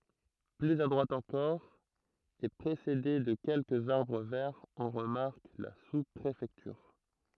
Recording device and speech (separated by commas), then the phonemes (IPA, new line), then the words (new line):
throat microphone, read sentence
plyz a dʁwat ɑ̃kɔʁ e pʁesede də kɛlkəz aʁbʁ vɛʁz ɔ̃ ʁəmaʁk la suspʁefɛktyʁ
Plus à droite encore, et précédée de quelques arbres verts, on remarque la sous-préfecture.